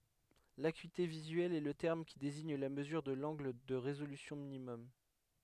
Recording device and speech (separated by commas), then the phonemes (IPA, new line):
headset microphone, read sentence
lakyite vizyɛl ɛ lə tɛʁm ki deziɲ la məzyʁ də lɑ̃ɡl də ʁezolysjɔ̃ minimɔm